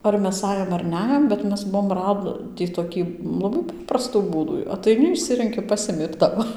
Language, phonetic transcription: Lithuanian, ar ˈmes ˈajom ar ˈnæjom bet ˈmes ˈbuom ˈradį toˈkį laˈbai ˈpaprastų ˈbūdų ataiˈni išˈsirenki ˈpasimi ir ˈtavo

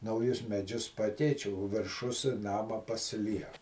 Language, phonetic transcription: Lithuanian, nauˈjus meˈdžius ˈpakeič' o virˈšus ˈnama pasiˈliek

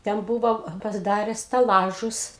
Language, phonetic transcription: Lithuanian, ten ˈbuvo pasiˈdare steˈlažus

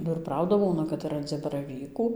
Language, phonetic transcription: Lithuanian, ba ir ˈprauda ˈbūna kad ir ranˈdzi baraˈvykų

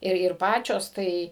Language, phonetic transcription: Lithuanian, ˈir ir ˈpačios ˈtai

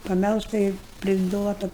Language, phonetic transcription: Lithuanian, paˈmelžta ir priˈduota

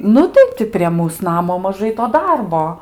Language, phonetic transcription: Lithuanian, ˈnu tai ˈti prie ˈmūs ˈnamo maˈžai to ˈdarbo

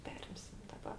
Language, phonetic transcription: Lithuanian, ˈperimsim daˈba

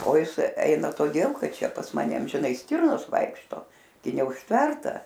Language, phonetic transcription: Lithuanian, o ˈjis ˈeina toˈdėl ˈkad ˈčia pas ˈmane amžiˈnai ˈstirnos ˈvaikšto gi neužˈtverta

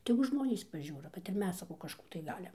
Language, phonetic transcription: Lithuanian, ˈtegu ˈžmonys paˈžiūro kad ir ˈmes saˈkau kažˈkų tai ˈgalim

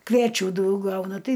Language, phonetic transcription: Lithuanian, kvieˈčių ˈdaug ˈgauna ˈtai

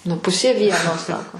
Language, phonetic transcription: Lithuanian, nu ˈpusė ˈvieno ˈsako

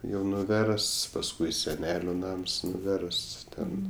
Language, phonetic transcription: Lithuanian, jau nuˈversts pasˈkui seˈneliu ˈnams nuˈversts ˈten

